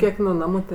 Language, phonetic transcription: Lithuanian, ˈkiek nu ˈnamu ˈtė

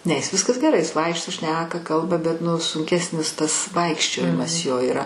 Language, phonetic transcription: Lithuanian, ne jis ˈviskas geˈrai ˈjis ˈvaikšto ˈšneka ˈkalba bet ˈnu sunˈkesnis ˈtas ˈvaikščiojimas ˈjo yˈra

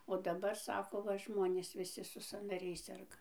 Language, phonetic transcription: Lithuanian, o daˈbar ˈsako ˈva ˈžmonės viˈsi su sanaˈriais ˈserga

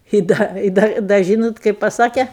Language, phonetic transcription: Lithuanian, i ˈda i ˈda da ˈžynot ˈkaip paˈsake

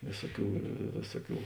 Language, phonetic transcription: Lithuanian, ˈvėsuoˌkių ˈvėsuoˌkių

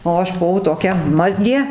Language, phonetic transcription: Lithuanian, o ˈaš buˈvau toˈkia ˈmazgė

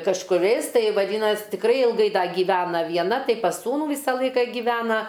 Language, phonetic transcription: Lithuanian, kažkuˈriais ˈtai vaˈdynas' tikˈrai ilˈgai ˈda gyˈvena vieˈna ˈtai pas ˈsūnų ˈvysa ˈlaika giˈvena

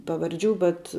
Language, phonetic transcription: Lithuanian, pavarˈdžių bet

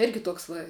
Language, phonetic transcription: Lithuanian, ˈirgi ˈtuoks va

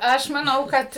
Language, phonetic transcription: Lithuanian, ˈaš maˈnau ˈkad

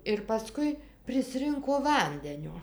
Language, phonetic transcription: Lithuanian, ir paˈskui priˈsrinko ˈvandenio

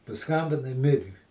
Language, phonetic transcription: Lithuanian, paˈskambinai ˈmiri

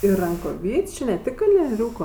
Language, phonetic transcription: Lithuanian, ir rankoˈvyčiu ne ˈtik kalnieˈriūko

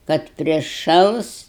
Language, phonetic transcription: Lithuanian, kad priˈšals

